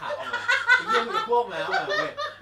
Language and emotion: Thai, happy